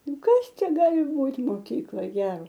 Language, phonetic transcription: Lithuanian, ˈnu ˈkas ˈčia ˈgali ˈbūt' moˈkykloj ˈgero

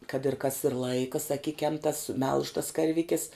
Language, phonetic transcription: Lithuanian, kad ir kas ir ˈlaika saˈkikiam tas melž tas karˈvikis

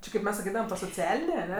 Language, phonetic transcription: Lithuanian, ˈči kaip ˈmes saˈkydavam to soˈcialinė aˈne

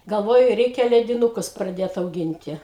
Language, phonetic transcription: Lithuanian, galˈvojau ˈreikia ledinuˈkus praˈdėt auˈginti

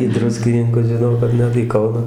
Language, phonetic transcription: Lithuanian, į ˈdruskininkus žiˈnau kad ˈnet į ˈkauną

